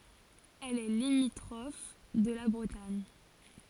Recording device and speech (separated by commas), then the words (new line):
forehead accelerometer, read sentence
Elle est limitrophe de la Bretagne.